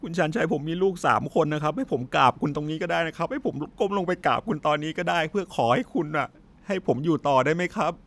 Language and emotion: Thai, sad